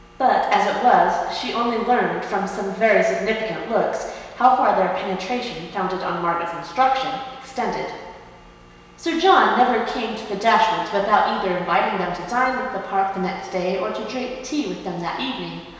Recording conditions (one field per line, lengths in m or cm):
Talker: one person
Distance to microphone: 1.7 m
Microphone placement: close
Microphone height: 1.0 m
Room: very reverberant, large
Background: none